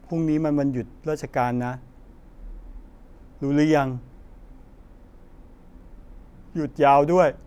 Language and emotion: Thai, neutral